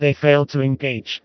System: TTS, vocoder